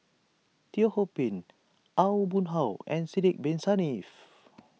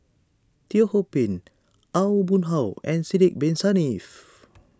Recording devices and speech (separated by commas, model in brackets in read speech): mobile phone (iPhone 6), standing microphone (AKG C214), read sentence